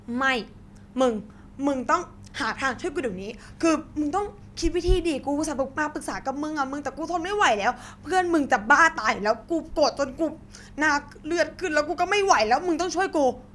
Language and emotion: Thai, angry